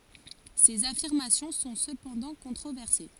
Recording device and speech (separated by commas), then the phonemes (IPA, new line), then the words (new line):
forehead accelerometer, read sentence
sez afiʁmasjɔ̃ sɔ̃ səpɑ̃dɑ̃ kɔ̃tʁovɛʁse
Ces affirmations sont cependant controversées.